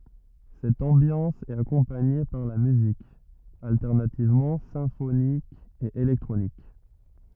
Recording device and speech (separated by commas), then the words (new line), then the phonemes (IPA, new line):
rigid in-ear microphone, read sentence
Cette ambiance est accompagnée par la musique, alternativement symphonique et électronique.
sɛt ɑ̃bjɑ̃s ɛt akɔ̃paɲe paʁ la myzik altɛʁnativmɑ̃ sɛ̃fonik e elɛktʁonik